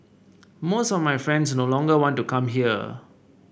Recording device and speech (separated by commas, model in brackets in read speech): boundary microphone (BM630), read sentence